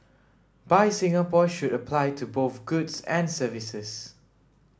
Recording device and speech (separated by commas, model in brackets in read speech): standing microphone (AKG C214), read sentence